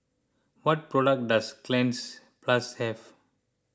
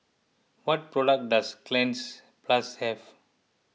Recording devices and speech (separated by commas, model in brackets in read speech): close-talking microphone (WH20), mobile phone (iPhone 6), read sentence